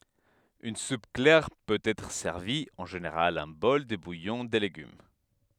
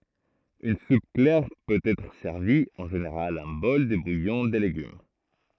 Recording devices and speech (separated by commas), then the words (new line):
headset microphone, throat microphone, read sentence
Une soupe claire peut être servie, en général un bol de bouillon de légumes.